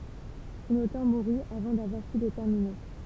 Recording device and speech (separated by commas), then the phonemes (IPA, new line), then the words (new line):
temple vibration pickup, read sentence
sɔ̃n otœʁ muʁy avɑ̃ davwaʁ py lə tɛʁmine
Son auteur mourut avant d'avoir pu le terminer.